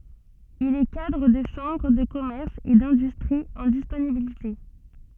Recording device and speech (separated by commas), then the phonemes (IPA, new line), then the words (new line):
soft in-ear microphone, read sentence
il ɛ kadʁ də ʃɑ̃bʁ də kɔmɛʁs e dɛ̃dystʁi ɑ̃ disponibilite
Il est cadre de chambre de commerce et d'industrie en disponibilité.